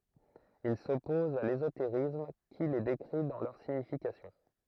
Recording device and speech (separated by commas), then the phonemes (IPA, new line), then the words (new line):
throat microphone, read sentence
il sɔpɔz a lezoteʁism ki le dekʁi dɑ̃ lœʁ siɲifikasjɔ̃
Il s'oppose à l'ésotérisme qui les décrit dans leur signification.